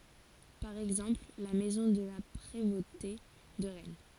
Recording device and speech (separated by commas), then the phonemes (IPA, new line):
forehead accelerometer, read sentence
paʁ ɛɡzɑ̃pl la mɛzɔ̃ də la pʁevote də ʁɛn